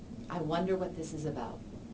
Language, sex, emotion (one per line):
English
female
neutral